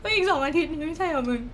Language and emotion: Thai, sad